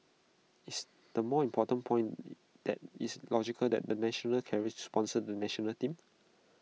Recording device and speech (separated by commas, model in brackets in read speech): mobile phone (iPhone 6), read sentence